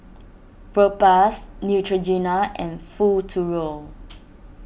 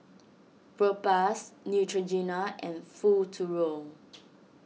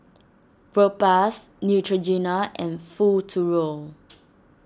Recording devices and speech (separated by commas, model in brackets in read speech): boundary microphone (BM630), mobile phone (iPhone 6), standing microphone (AKG C214), read sentence